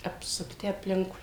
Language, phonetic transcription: Lithuanian, apsukˈti apˈlinkui

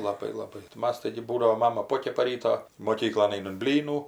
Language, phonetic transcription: Lithuanian, laˈbai laˈbai tai ˈmas ˈtaigi ˈbūdavo ˈmama ˈpokepa ˈryto moˈkyklon ˈainam ˈblynų

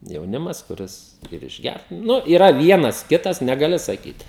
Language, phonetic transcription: Lithuanian, jauˈnimas kuˈris ir išˈgært ˈnu yˈra ˈvienas ˈkitas negaˈli saˈkyt

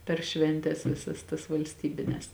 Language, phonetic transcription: Lithuanian, per ˈšventes ˈvisas tas valsˈtybines

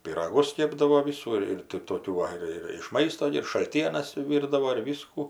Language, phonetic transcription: Lithuanian, pyraˈgus ˈkėpdavo ˈvisų ir ir tai ir ˈtokių ˈva ir ir iš ˈmaisto gi ir šalˈtienas ˈvyrdavo ir ˈvysku

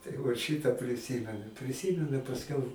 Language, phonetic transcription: Lithuanian, tai ˈvat ˈšytą priˈsymenu priˈsymenu i pasˈkiau

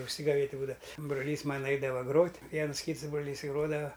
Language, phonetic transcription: Lithuanian, užsigaˈvėt' ˈbūdava broˈlys ˈmana ˈaidava ˈgrot' ˈviens ˈkyts ˈbroˈlys i ˈgrodava

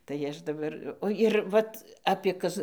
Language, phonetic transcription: Lithuanian, tai ˈaš daˈbar ˈo ir ˈvat apie ˈkaz

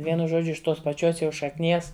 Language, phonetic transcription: Lithuanian, ˈvienu ˈžodžiu iš ˈtos paˈčios jau šakˈnies

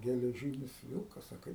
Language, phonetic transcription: Lithuanian, geleˈžynis ˈvilkas a ˈkaip

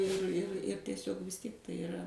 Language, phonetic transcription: Lithuanian, ir ir ir teˈsiog vis ˈtiek tai iˈra

